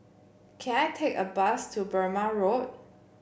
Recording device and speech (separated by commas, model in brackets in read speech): boundary microphone (BM630), read sentence